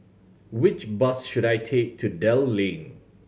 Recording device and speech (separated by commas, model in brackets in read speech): mobile phone (Samsung C7100), read sentence